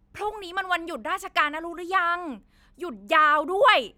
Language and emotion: Thai, happy